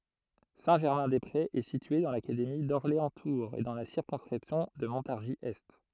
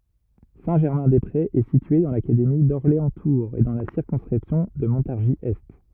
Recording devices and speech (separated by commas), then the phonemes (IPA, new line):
throat microphone, rigid in-ear microphone, read sentence
sɛ̃tʒɛʁmɛ̃dɛspʁez ɛ sitye dɑ̃ lakademi dɔʁleɑ̃stuʁz e dɑ̃ la siʁkɔ̃skʁipsjɔ̃ də mɔ̃taʁʒizɛst